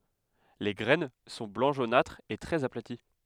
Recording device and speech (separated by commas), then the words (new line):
headset microphone, read sentence
Les graines sont blanc jaunâtre et très aplaties.